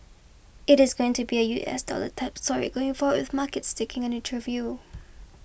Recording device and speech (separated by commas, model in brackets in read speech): boundary microphone (BM630), read sentence